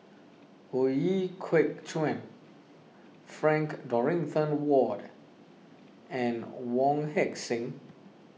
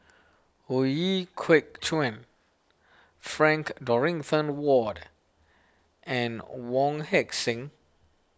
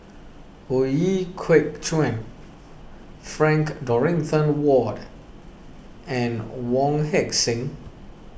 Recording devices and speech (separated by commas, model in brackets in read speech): mobile phone (iPhone 6), standing microphone (AKG C214), boundary microphone (BM630), read sentence